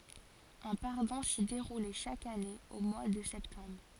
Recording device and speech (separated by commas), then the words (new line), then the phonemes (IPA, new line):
forehead accelerometer, read sentence
Un pardon s'y déroulait chaque année au mois de septembre.
œ̃ paʁdɔ̃ si deʁulɛ ʃak ane o mwa də sɛptɑ̃bʁ